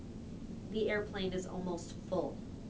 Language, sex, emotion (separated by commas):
English, female, neutral